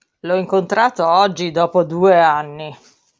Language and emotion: Italian, disgusted